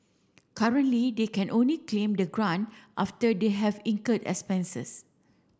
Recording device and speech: standing microphone (AKG C214), read sentence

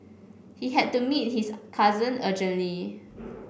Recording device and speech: boundary microphone (BM630), read sentence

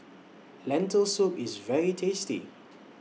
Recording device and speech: mobile phone (iPhone 6), read sentence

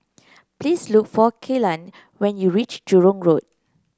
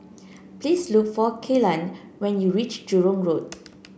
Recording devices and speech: close-talking microphone (WH30), boundary microphone (BM630), read sentence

